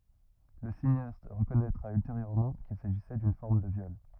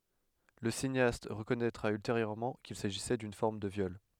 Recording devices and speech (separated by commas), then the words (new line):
rigid in-ear microphone, headset microphone, read sentence
Le cinéaste reconnaîtra ultérieurement qu'il s'agissait d'une forme de viol.